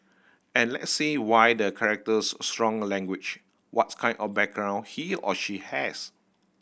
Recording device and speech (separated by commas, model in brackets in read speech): boundary microphone (BM630), read sentence